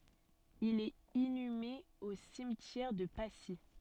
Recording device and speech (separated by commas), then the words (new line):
soft in-ear microphone, read sentence
Il est inhumé au cimetière de Passy.